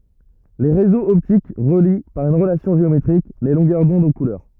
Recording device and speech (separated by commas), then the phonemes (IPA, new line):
rigid in-ear microphone, read sentence
le ʁezoz ɔptik ʁəli paʁ yn ʁəlasjɔ̃ ʒeometʁik le lɔ̃ɡœʁ dɔ̃d o kulœʁ